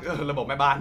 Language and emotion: Thai, happy